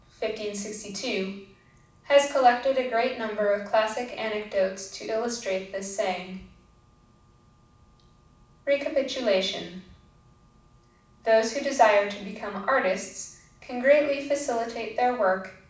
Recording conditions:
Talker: one person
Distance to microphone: 5.8 m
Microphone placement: far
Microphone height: 1.8 m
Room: medium-sized (5.7 m by 4.0 m)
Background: none

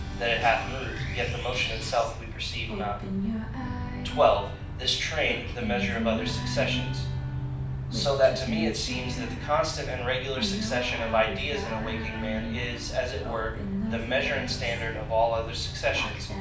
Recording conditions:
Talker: one person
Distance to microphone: 5.8 m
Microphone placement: far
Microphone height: 1.8 m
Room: medium-sized (5.7 m by 4.0 m)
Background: music

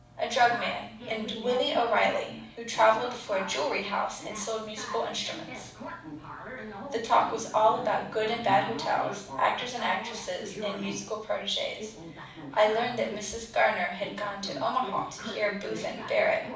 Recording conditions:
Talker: one person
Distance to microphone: 5.8 m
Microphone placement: far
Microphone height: 1.8 m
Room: medium-sized (5.7 m by 4.0 m)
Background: television

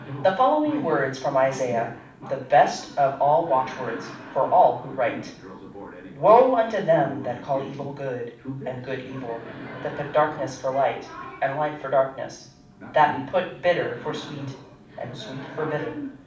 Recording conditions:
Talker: one person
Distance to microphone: 5.8 m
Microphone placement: far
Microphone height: 1.8 m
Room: medium-sized (5.7 m by 4.0 m)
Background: television

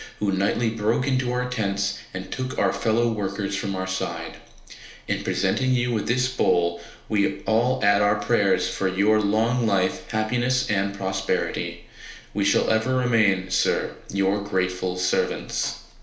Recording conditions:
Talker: one person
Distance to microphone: 1.0 m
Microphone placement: close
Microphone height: 1.1 m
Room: small (3.7 m by 2.7 m)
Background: none

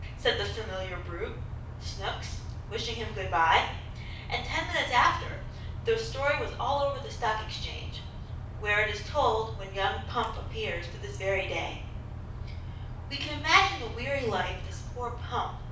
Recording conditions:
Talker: one person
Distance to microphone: 5.8 m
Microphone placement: far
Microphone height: 1.8 m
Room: medium-sized (5.7 m by 4.0 m)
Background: none

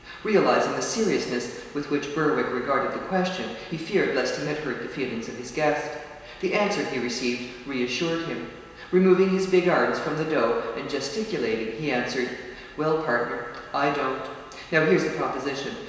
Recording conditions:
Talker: one person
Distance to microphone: 1.7 m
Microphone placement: close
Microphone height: 1.0 m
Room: very reverberant, large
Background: none

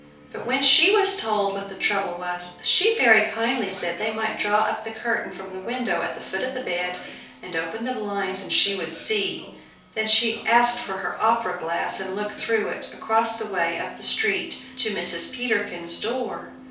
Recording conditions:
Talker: one person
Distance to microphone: 3.0 m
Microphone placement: far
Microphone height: 1.8 m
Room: small (3.7 m by 2.7 m)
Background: television

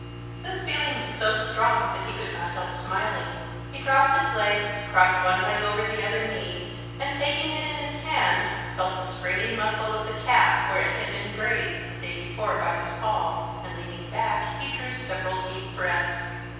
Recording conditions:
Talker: one person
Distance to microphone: 7.1 m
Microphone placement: far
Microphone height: 1.7 m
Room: very reverberant, large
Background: none

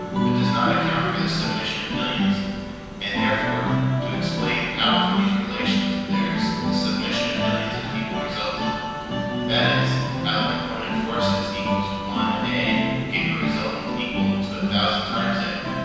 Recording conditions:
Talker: one person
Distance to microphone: 7.1 m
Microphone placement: far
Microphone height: 1.7 m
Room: very reverberant, large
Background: music

